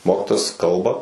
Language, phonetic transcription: Lithuanian, ˈmokitojas ˈkalba

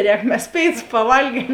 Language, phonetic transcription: Lithuanian, ˈrēk mes ˈpėiˌtus paˈvalgiem

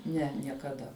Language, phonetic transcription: Lithuanian, ˈne niekaˈda

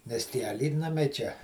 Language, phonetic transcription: Lithuanian, nes tie aˈlytnamiai čia

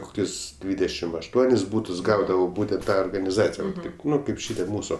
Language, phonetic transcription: Lithuanian, ˈkokius ˈdvydešim ašˈtuonis ˈbūtus ˈgaudavo ˈbūtent ˈta organiˈzacija ˈvat ˈtaip ˈnu ˈkaip ˈšitie ˈmūsu

